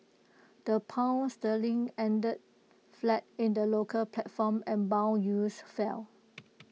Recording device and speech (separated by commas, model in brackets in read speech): mobile phone (iPhone 6), read sentence